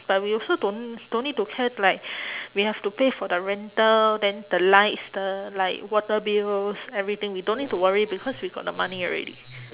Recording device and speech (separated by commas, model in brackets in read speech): telephone, conversation in separate rooms